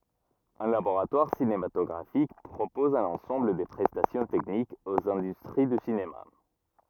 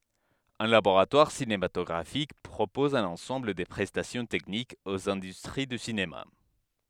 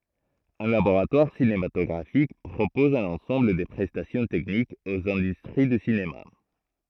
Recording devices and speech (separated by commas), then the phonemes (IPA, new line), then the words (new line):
rigid in-ear microphone, headset microphone, throat microphone, read sentence
œ̃ laboʁatwaʁ sinematɔɡʁafik pʁopɔz œ̃n ɑ̃sɑ̃bl də pʁɛstasjɔ̃ tɛknikz oz ɛ̃dystʁi dy sinema
Un laboratoire cinématographique propose un ensemble de prestations techniques aux industries du cinéma.